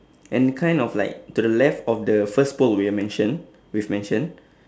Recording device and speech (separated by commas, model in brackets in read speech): standing microphone, conversation in separate rooms